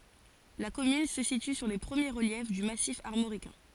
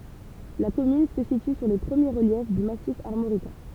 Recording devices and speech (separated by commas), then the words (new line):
forehead accelerometer, temple vibration pickup, read sentence
La commune se situe sur les premiers reliefs du Massif armoricain.